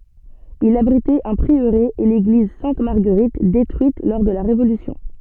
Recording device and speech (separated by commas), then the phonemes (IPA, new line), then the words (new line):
soft in-ear microphone, read sentence
il abʁitɛt œ̃ pʁiøʁe e leɡliz sɛ̃t maʁɡəʁit detʁyit lɔʁ də la ʁevolysjɔ̃
Il abritait un prieuré et l'église Sainte-Marguerite détruite lors de la Révolution.